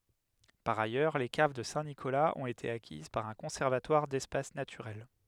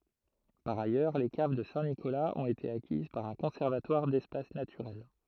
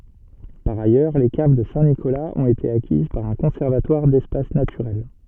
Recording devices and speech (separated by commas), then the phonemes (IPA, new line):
headset microphone, throat microphone, soft in-ear microphone, read sentence
paʁ ajœʁ le kav də sɛ̃tnikolaz ɔ̃t ete akiz paʁ œ̃ kɔ̃sɛʁvatwaʁ dɛspas natyʁɛl